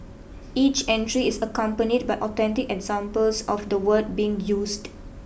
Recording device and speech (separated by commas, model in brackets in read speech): boundary microphone (BM630), read sentence